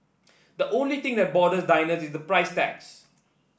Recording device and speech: boundary microphone (BM630), read sentence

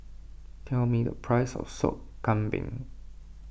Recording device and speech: boundary microphone (BM630), read sentence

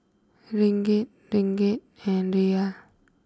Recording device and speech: close-talking microphone (WH20), read sentence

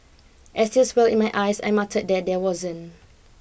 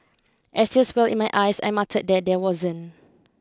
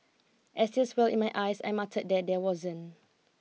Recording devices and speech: boundary microphone (BM630), close-talking microphone (WH20), mobile phone (iPhone 6), read sentence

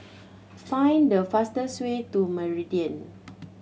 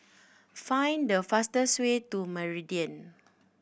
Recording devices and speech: mobile phone (Samsung C7100), boundary microphone (BM630), read sentence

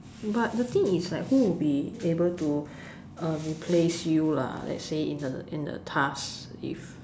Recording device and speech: standing microphone, conversation in separate rooms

